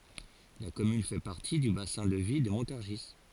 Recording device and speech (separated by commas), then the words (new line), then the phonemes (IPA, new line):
forehead accelerometer, read sentence
La commune fait partie du bassin de vie de Montargis.
la kɔmyn fɛ paʁti dy basɛ̃ də vi də mɔ̃taʁʒi